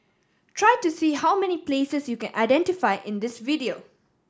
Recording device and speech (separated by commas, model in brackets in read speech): standing microphone (AKG C214), read sentence